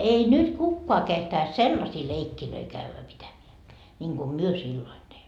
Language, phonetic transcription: Finnish, ei 'nyt "kukkoa kehtais "sellasii 'leikkilöi 'kävvä 'pitämeä , ńiŋGu "myö 'silloin teimmö .
- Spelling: ei nyt kukaan kehtaisi sellaisia leikkejä käydä pitämään niin kuin me silloin teimme

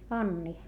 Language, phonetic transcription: Finnish, Anni .
- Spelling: Anni

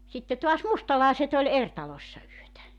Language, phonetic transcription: Finnish, sitte toas "mustalàeset ‿oĺ "er 'talośsa yötä .
- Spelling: sitten taas mustalaiset oli eri taloissa yötä

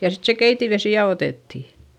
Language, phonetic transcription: Finnish, ja sit se keitivesì ja otètti .
- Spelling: ja sitten se keitinvesi ja otettiin

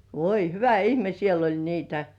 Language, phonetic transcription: Finnish, 'voi "hyvä 'ihme siel ‿oĺ 'niitä .
- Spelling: voi hyvä ihme siellä oli niitä

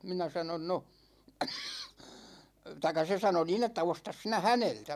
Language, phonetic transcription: Finnish, 'minä sanon 'no , taik̆ka 'se sano 'niin ‿että » "ostas 'sinä "häneltä « .
- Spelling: minä sanoin no tai se sanoi niin että osta sinä häneltä

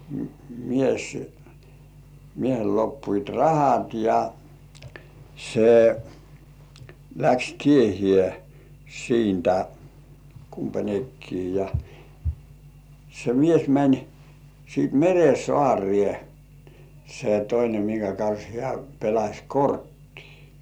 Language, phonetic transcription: Finnish, mies , 'miehel loppuit "rahat ja , se , läks 'tiehĭè "siintä , 'kumpa"ńekkii ja , se 'mies mäń , siit "mere 'sŏàŕĭè , se toine miŋkä kans 'hĕä̀ pelaś "korttii .
- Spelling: mies miehellä loppuivat rahat ja se lähti tiehensä siitä kumpainenkin ja se mies meni sitten meren saareen se toinen minkä kanssa hän pelasi korttia

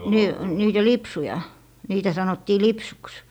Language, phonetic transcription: Finnish, nii , niitä "lipsuja , niitä 'sanottii "lipsuks .
- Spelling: niin niitä lipsuja niitä sanottiin lipsuksi

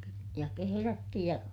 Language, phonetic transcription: Finnish, ja keherätty ja ,.
- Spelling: ja kehrätty ja

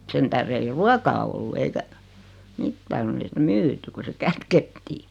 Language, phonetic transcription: Finnish, 'sen tähre 'ei "ruakaa ollu eikä , 'mitta konn ‿ei 'sitä "myyty ku se "kätkettii .
- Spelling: sen tähden ei ruokaa ollut eikä mitään kun ei sitä myyty kun se kätkettiin

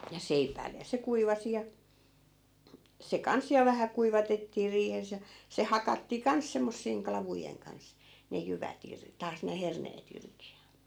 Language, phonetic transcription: Finnish, ja "seipäi̮lle , ja 'se 'kuivasi ja , se 'kans ja 'vähä kuivatettii 'riihes ja , se "hakattii "kans semmossiiŋ 'klavujeŋ kans , ne 'jyvät ‿ir- , 'taas ne 'herneet ‿irki ja .
- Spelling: ja seipäille ja se kuivasi ja se kanssa ja vähän kuivatettiin riihessä ja se hakattiin kanssa semmoisien klavujen kanssa ne jyvät - taas ne herneet irti ja

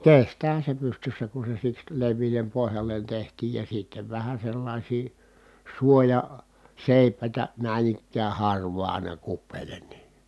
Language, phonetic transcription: Finnish, kestäähä se pystyssä ku se siks lev̆viilem pohjallen tehtiij ja sittev vähä sellàisii , suoja- , -sèi̮p̆pä̀itä , nä̀in ‿ikkää harv̀aa ài̮na kuppeelen ni .
- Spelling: kestäähän se pystyssä kun se siksi leveälle pohjalle tehtiin ja sitten vähän sellaisia - suojaseipäitä näin ikään harvaan aina kupeelle niin

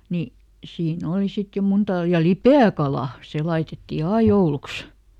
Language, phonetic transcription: Finnish, ni , ˈsiiˈn ‿òli ˈsit jo ˈmuntal- ja "lipe₍äkalà , ˈse ˈlaitetti "ai jouluks .
- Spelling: niin siinä oli sitten jo - ja lipeäkalaa se laitettiin aina jouluksi

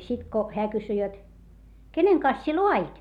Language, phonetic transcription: Finnish, sit ko , heä kysy jot , » keneŋ kans sie loa₍it ?
- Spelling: sitten kun hän kysyi jotta kenen kanssa sinä laadit

